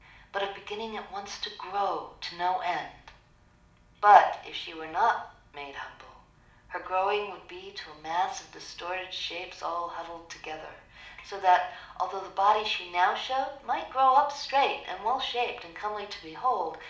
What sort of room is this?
A moderately sized room.